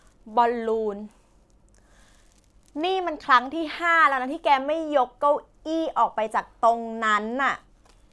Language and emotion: Thai, frustrated